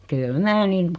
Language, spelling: Finnish, kyllä minä niin
- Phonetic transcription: 'kyl 'mää 'nin ,.

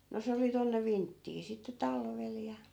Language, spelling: Finnish, no se oli tuonne vinttiin sitten talvella ja
- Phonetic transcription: no 'se oli tonne "vinttii sitte 'talvel ja .

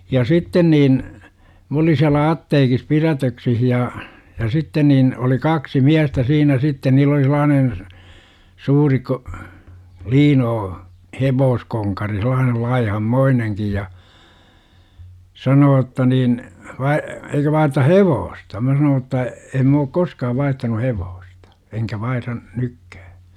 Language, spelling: Finnish, ja sitten niin minä olin siellä apteekissa pidätyksissä ja ja sitten niin oli kaksi miestä siinä sitten niin oli sellainen suuri - liino hevoskonkari sellainen laihanmoinenkin ja sanoo jotta niin vai eikö vaihdeta hevosta minä sanoin jotta en minä ole koskaan vaihtanut hevosta enkä vaihda nytkään
- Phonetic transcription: ja "sitten niin , m ‿olin̬ siälä "atteekis 'pirätöksih ja , ja 'sitten niin , oli "kaksi 'miästä "siinä 'sitte niil ‿oli sel̆laanen̬ , 'suuri ko- , 'liinoo , "hevooskoŋkari sel̆laanel 'laihammoineŋkij ja , 'sanoo jotta niin , 'vai- » , 'eikö vaiʰʳᵉta "hevoosta « mä sanoo ‿tta , em » m ‿ook "koskaav 'vaihtanu 'hevoostA , enkä vaihra , 'nykkÄÄ « .

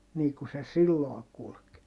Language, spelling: Finnish, niin kuin se silloin kulki
- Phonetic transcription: nii ku se silloo kulk .

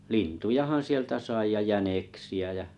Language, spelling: Finnish, lintujahan sieltä sai ja jäniksiä ja
- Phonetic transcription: lintujahan 'sieltä 'sai ja "jäneksi₍ä jä .

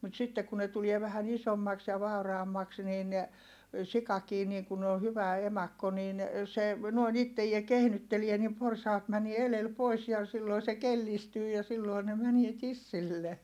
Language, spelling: Finnish, mutta sitten kun ne tulee vähän isommaksi ja vauraammaksi niin sikakin niin kun on hyvä emakko niin se noin itseään kehnyttelee niin porsaat menee edellä pois ja silloin se kellistyy ja silloin ne menee tissille
- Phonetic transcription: mut sitte ku ne tulie vähän ‿isommaks ja vàuraammaks niin , sikakii niiŋ kun ‿o hyvä emakko niin , se , noin ‿ittejie kehnyttelie nim porsaat mänie elel pois ja silloi se kellistyy ja silloi ne mänie tissille .

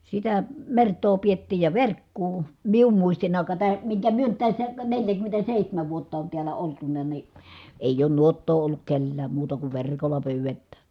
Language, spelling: Finnish, sitä mertaa pidettiin ja verkkoa minun muistini aikaan tämä minkä me nyt tässä - neljäkymmentäseitsemän vuotta on täällä oltu niin ei ole nuottaa ollut kenelläkään muuta kuin verkolla pyydetään
- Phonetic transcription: sitä , mert̀oo piettiij ja verkkuu , mium muistinn ‿àika tää , miŋkä myö nyt tässä , kä neljäkymmentäsèihtämäv vuotta on tiälä oltuna ni , èij ‿oon nuottoo olluk kellääm muuta kuv ver̀kolla pyyvettää .

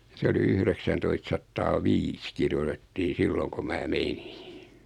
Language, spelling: Finnish, se oli yhdeksäntoistasataa viisi kirjoitettiin silloin kun minä menin
- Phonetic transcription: 'se oli 'yhreksäntoist'sattaa "viis kirjotettii 'silloŋ ko 'mää "menɪ .

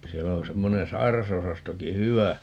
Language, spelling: Finnish, siellä on semmoinen sairasosastokin hyvä
- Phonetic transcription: 'siɛllä on 'semmonen "sai̮rasosastoki "hyvä .

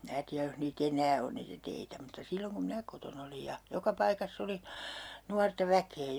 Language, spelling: Finnish, minä tiedä jos niitä enää on niitä teitä mutta silloin kun minä kotona olin ja joka paikassa oli nuorta väkeä
- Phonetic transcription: 'mⁱnä tiäj joh nii"t ‿enää on niitä 'teitä mutta 'silloŋ kum "minä koton ‿olij ja , 'joka 'paikass ‿oli , 'nuarta 'väkee .

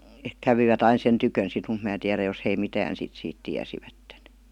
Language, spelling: Finnish, kävivät aina sen tykönä sitten mutta minä tiedä jos he mitään sitten siitä tiesivät
- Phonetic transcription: kävivät 'ain̬ "sen tykön sit mut mää 'tiärä jos hei 'mitään sit siit 'tiäsivätten̬ .

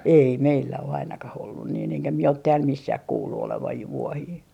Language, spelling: Finnish, ei meillä ole ainakaan ollut niin enkä minä ole täällä missään kuullut olevan jo vuohia
- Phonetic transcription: 'ei 'meillä o 'ainakah ollun niin eŋkä mie ot 'tääl "missäh kuullu olevaj jo 'vuohii .

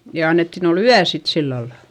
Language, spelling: Finnish, ja annettiin olla yö sitten sillä lailla
- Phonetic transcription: ja annettin ‿ol ‿yä sit sillalla .

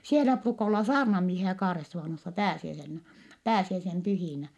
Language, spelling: Finnish, siellä ruukaa olla saarnamiehiä Kaaresuvannossa pääsiäisenä pääsiäisen pyhinä
- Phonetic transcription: sielä pruuka olla saarnamiehiä Kaaressuvànossa pääsiäisennä , pääsiäisem pyhìnä .

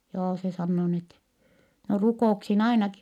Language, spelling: Finnish, joo se sanoo niin että no rukouksiin ainakin
- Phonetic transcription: joo se sannoo n ‿ettɛ , » no rukò₍uksin ainaki . »

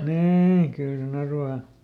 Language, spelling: Finnish, niin kyllä sen arvaa
- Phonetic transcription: ˈniii , kyl seˈn ‿arvaa .

